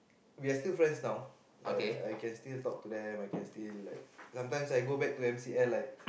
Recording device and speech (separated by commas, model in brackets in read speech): boundary microphone, conversation in the same room